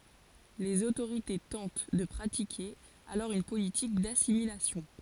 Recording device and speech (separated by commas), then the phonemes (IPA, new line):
forehead accelerometer, read sentence
lez otoʁite tɑ̃t də pʁatike alɔʁ yn politik dasimilasjɔ̃